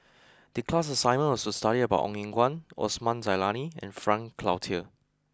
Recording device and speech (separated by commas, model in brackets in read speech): close-talking microphone (WH20), read sentence